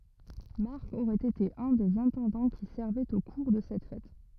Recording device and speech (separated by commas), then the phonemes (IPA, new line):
rigid in-ear microphone, read sentence
maʁk oʁɛt ete œ̃ dez ɛ̃tɑ̃dɑ̃ ki sɛʁvɛt o kuʁ də sɛt fɛt